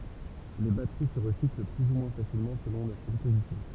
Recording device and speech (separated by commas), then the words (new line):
temple vibration pickup, read sentence
Les batteries se recyclent plus ou moins facilement selon leur composition.